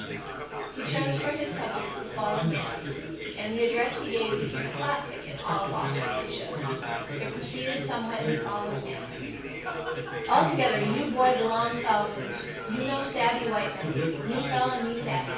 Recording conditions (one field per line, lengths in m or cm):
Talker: one person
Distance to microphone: 9.8 m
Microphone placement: far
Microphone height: 1.8 m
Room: large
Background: babble